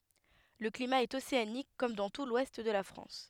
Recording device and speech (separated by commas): headset microphone, read sentence